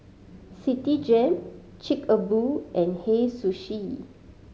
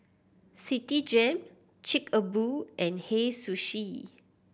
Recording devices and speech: mobile phone (Samsung C5010), boundary microphone (BM630), read sentence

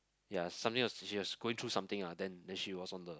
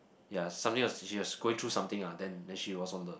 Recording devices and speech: close-talking microphone, boundary microphone, conversation in the same room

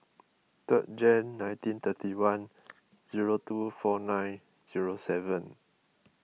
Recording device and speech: mobile phone (iPhone 6), read sentence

